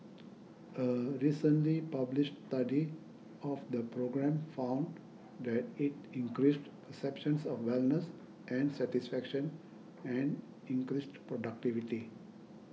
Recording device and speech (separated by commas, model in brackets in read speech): mobile phone (iPhone 6), read sentence